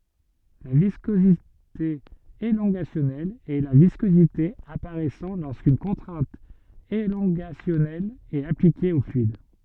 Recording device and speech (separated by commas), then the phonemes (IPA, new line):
soft in-ear microphone, read sentence
la viskozite elɔ̃ɡasjɔnɛl ɛ la viskozite apaʁɛsɑ̃ loʁskyn kɔ̃tʁɛ̃t elɔ̃ɡasjɔnɛl ɛt aplike o flyid